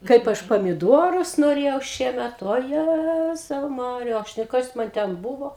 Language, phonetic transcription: Lithuanian, ˈkaip ˈaš pamiˈduorus noˈrėjau ˈšiemet oˈjæzau ˈmarija ˈaš nu ˈkas ˈman ˈten ˈbūvo

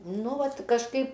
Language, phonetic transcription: Lithuanian, ˈnu ˈvat kažˈkaip

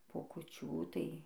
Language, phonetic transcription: Lithuanian, po kuˈčių tai

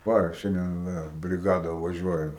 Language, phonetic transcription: Lithuanian, ˈva ˈšiandien ˈvėl briˈgada vaˈžiuoja

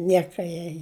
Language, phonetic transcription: Lithuanian, ˈnieka jai

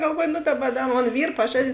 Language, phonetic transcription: Lithuanian, galˈvuoju nu ˈdaˌba ˈda ˈmon ˈvyr paˈžadin

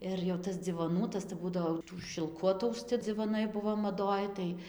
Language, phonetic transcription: Lithuanian, ir jau ˈtas dzivoˈnų ˈtas tai ˈbūdavo jau ˈtų šilˈku atausˈci dzivoˈnai ˈbuvo maˈdoj tai

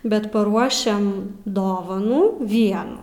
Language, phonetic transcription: Lithuanian, bet paˈruošiam ˈdovanų ˈvienų

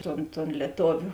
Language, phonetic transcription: Lithuanian, ˈton ton lieˈtoviu

